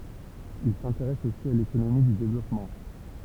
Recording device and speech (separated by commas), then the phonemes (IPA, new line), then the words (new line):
temple vibration pickup, read sentence
il sɛ̃teʁɛs osi a lekonomi dy devlɔpmɑ̃
Il s’intéresse aussi à l’économie du développement.